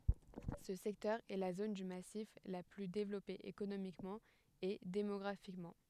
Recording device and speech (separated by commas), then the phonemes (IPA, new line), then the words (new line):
headset microphone, read sentence
sə sɛktœʁ ɛ la zon dy masif la ply devlɔpe ekonomikmɑ̃ e demɔɡʁafikmɑ̃
Ce secteur est la zone du massif la plus développée économiquement et démographiquement.